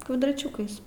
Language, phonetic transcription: Lithuanian, kvadraˈčiukais

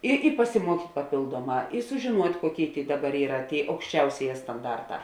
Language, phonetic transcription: Lithuanian, ˈi i pasiˈmuokyt' paˈpėlduoˌmā i sužėˈnuot' ˈkuoˌkėi ˈdaˌbar ˈyra ˈtėi aukšˈčiausėˌjē stanˈdarˌtā

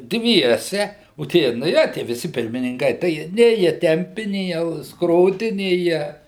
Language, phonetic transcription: Lithuanian, ˈdviese o ˈtie naˈje tie viˈsi pirmininˈkai tai ˈjie ˈnė jie ˈtempi ˈnė jie ˈskrodi ˈnė jie

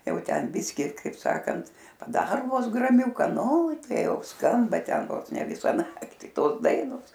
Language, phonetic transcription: Lithuanian, ˈjau ˈten ˈbiski ˈkaip ˈsakant paˈdaro ˈvos gramˈiuka ˈnu ˈtai jau ˈskamba ˈten ˈvos ne ˈvisa ˈnakti ˈtos ˈdainos

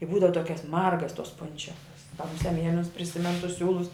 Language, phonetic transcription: Lithuanian, i ˈbūdava ˈtokias ˈmargas tos ˈpunčiakas ka muˈsia ˈmielinus priˈsimenu tus ˈsiūlus

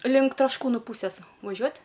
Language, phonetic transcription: Lithuanian, link trašˈkūnu ˈpūsės vaˈžiuot'

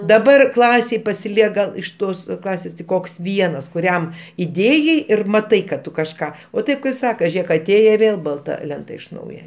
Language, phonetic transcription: Lithuanian, daˈbar ˈklasėj pasiˈliek gal iš ˈtos ˈklasės tik ˈkoks ˈvienas kuˈriam iˈdėjai ir maˈtai kad ˈtu kažˈką o ˈtėp kaip ˈsaka ˈžėk aˈtėje i ˈvėl balˈta ˈlenta iš ˈnauje

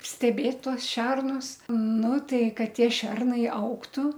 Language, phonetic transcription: Lithuanian, steˈbėt ˈtuos ˈšernus ˈnu ˈtai ˈkad ˈtie ˈšernai ˈaugtu

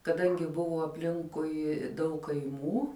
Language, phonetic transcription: Lithuanian, kaˈdangi ˈbuvo apˈlinkui daug kaiˈmų

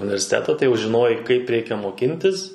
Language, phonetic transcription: Lithuanian, universiˈteta tai ˈjau žiˈnojai kaip ˈreikia moˈkintis

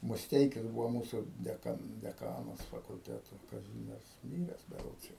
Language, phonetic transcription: Lithuanian, musˈteikis ˈbūvo ˈmūsu deˈka deˈkanas fakulˈteto kaˈzymiers ˈmyres beˈrods jau

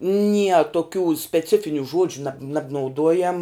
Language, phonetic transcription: Lithuanian, nie toˈkių speˈcifiniu ˈžuodžiu nab nabnauˈduojam

